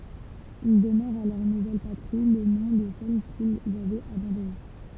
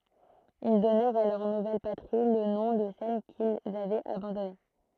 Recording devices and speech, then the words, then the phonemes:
temple vibration pickup, throat microphone, read sentence
Ils donnèrent à leur nouvelle patrie, le nom de celle qu'ils avaient abandonnée.
il dɔnɛʁt a lœʁ nuvɛl patʁi lə nɔ̃ də sɛl kilz avɛt abɑ̃dɔne

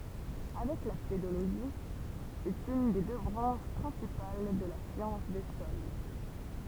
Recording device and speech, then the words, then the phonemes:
temple vibration pickup, read sentence
Avec la pédologie, c'est une des deux branches principales de la science des sols.
avɛk la pedoloʒi sɛt yn de dø bʁɑ̃ʃ pʁɛ̃sipal də la sjɑ̃s de sɔl

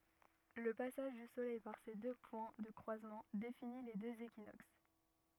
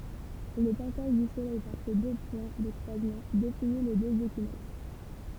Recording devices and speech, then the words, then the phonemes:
rigid in-ear microphone, temple vibration pickup, read sentence
Le passage du soleil par ces deux points de croisement définit les deux équinoxes.
lə pasaʒ dy solɛj paʁ se dø pwɛ̃ də kʁwazmɑ̃ defini le døz ekinoks

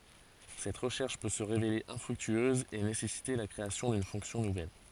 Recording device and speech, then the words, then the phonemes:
forehead accelerometer, read sentence
Cette recherche peut se révéler infructueuse et nécessiter la création d'une fonction nouvelle.
sɛt ʁəʃɛʁʃ pø sə ʁevele ɛ̃fʁyktyøz e nesɛsite la kʁeasjɔ̃ dyn fɔ̃ksjɔ̃ nuvɛl

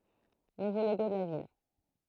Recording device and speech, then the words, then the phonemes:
throat microphone, read sentence
Nouveau logo de la ville.
nuvo loɡo də la vil

